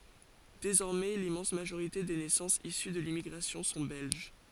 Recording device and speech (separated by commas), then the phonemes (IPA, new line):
forehead accelerometer, read sentence
dezɔʁmɛ limmɑ̃s maʒoʁite de nɛsɑ̃sz isy də limmiɡʁasjɔ̃ sɔ̃ bɛlʒ